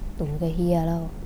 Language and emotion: Thai, frustrated